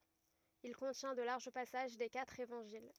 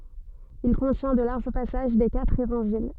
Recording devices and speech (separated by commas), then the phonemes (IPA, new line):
rigid in-ear microphone, soft in-ear microphone, read sentence
il kɔ̃tjɛ̃ də laʁʒ pasaʒ de katʁ evɑ̃ʒil